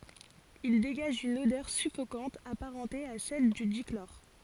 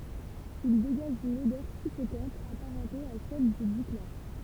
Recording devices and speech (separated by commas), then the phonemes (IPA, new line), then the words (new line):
forehead accelerometer, temple vibration pickup, read sentence
il deɡaʒ yn odœʁ syfokɑ̃t apaʁɑ̃te a sɛl dy diklɔʁ
Il dégage une odeur suffocante apparentée à celle du dichlore.